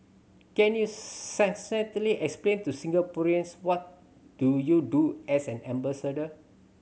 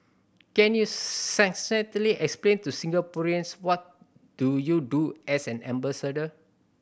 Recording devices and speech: mobile phone (Samsung C7100), boundary microphone (BM630), read sentence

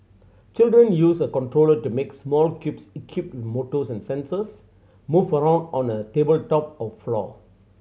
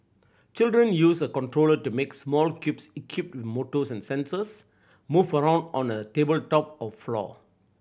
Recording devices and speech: mobile phone (Samsung C7100), boundary microphone (BM630), read sentence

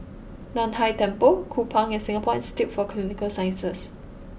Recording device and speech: boundary microphone (BM630), read sentence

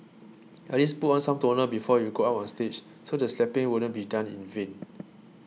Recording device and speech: mobile phone (iPhone 6), read sentence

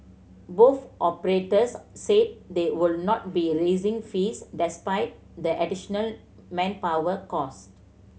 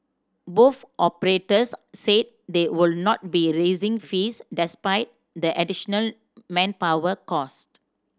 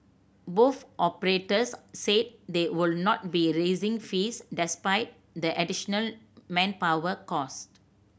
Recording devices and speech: mobile phone (Samsung C7100), standing microphone (AKG C214), boundary microphone (BM630), read sentence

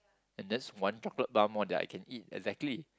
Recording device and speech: close-talking microphone, conversation in the same room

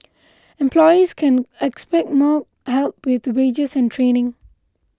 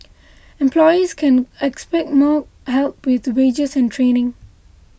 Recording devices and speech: close-talking microphone (WH20), boundary microphone (BM630), read sentence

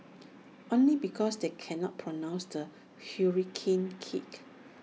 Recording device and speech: mobile phone (iPhone 6), read sentence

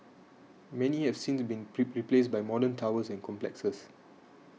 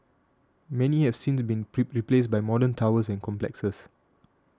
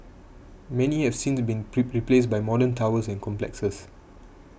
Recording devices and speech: mobile phone (iPhone 6), standing microphone (AKG C214), boundary microphone (BM630), read sentence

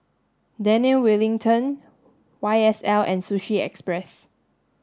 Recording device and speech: standing microphone (AKG C214), read sentence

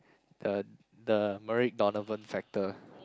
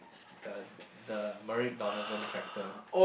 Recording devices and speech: close-talking microphone, boundary microphone, conversation in the same room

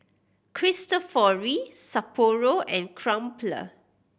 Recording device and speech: boundary microphone (BM630), read sentence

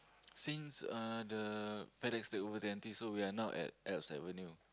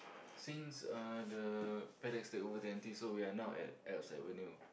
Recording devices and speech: close-talking microphone, boundary microphone, conversation in the same room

